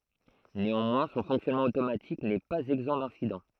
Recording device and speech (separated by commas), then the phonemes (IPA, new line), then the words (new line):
throat microphone, read sentence
neɑ̃mwɛ̃ sɔ̃ fɔ̃ksjɔnmɑ̃ otomatik nɛ paz ɛɡzɑ̃ dɛ̃sidɑ̃
Néanmoins, son fonctionnement automatique n'est pas exempt d'incidents.